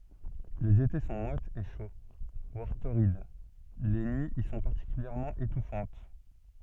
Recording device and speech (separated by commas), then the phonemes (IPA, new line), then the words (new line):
soft in-ear microphone, read sentence
lez ete sɔ̃ mwatz e ʃo vwaʁ toʁid le nyiz i sɔ̃ paʁtikyljɛʁmɑ̃ etufɑ̃t
Les étés sont moites et chauds, voire torrides, les nuits y sont particulièrement étouffantes.